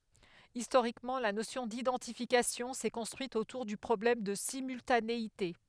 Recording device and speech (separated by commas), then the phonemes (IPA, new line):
headset microphone, read sentence
istoʁikmɑ̃ la nosjɔ̃ didɑ̃tifikasjɔ̃ sɛ kɔ̃stʁyit otuʁ dy pʁɔblɛm də simyltaneite